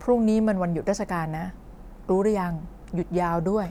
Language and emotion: Thai, neutral